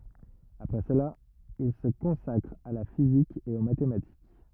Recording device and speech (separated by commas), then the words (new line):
rigid in-ear microphone, read sentence
Après cela, il se consacre à la physique et aux mathématiques.